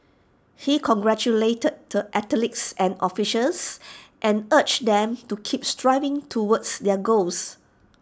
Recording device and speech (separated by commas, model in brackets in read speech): standing microphone (AKG C214), read sentence